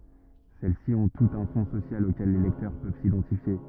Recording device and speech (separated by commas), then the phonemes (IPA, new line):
rigid in-ear microphone, read sentence
sɛlɛsi ɔ̃ tutz œ̃ fɔ̃ sosjal okɛl le lɛktœʁ pøv sidɑ̃tifje